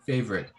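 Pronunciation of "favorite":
'Favorite' is said with two syllables, the American English way: the o in the middle is not pronounced.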